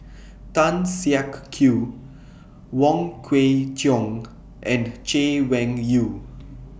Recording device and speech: boundary microphone (BM630), read sentence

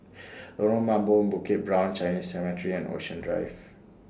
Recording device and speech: standing microphone (AKG C214), read sentence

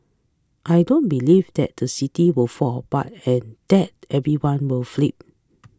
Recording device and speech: close-talking microphone (WH20), read sentence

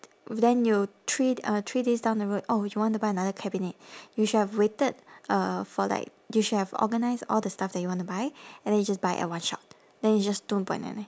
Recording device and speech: standing microphone, conversation in separate rooms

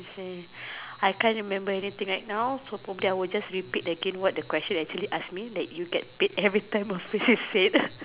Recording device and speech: telephone, conversation in separate rooms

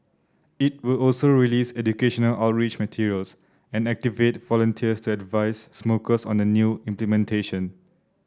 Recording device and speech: standing microphone (AKG C214), read sentence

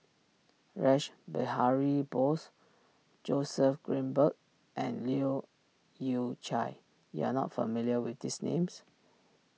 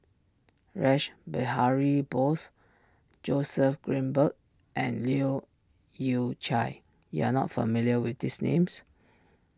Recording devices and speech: mobile phone (iPhone 6), standing microphone (AKG C214), read sentence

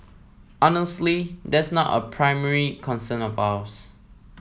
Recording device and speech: mobile phone (iPhone 7), read sentence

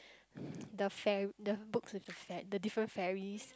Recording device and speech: close-talking microphone, conversation in the same room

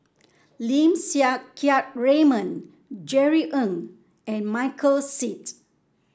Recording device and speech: standing microphone (AKG C214), read sentence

